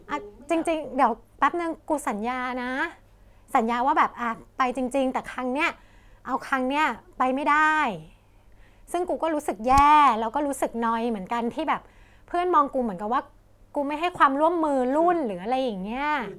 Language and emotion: Thai, sad